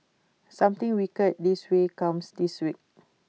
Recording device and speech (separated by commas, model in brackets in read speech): mobile phone (iPhone 6), read sentence